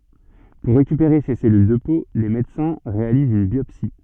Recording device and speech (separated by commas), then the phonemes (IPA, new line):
soft in-ear microphone, read sentence
puʁ ʁekypeʁe se sɛlyl də po le medəsɛ̃ ʁealizt yn bjɔpsi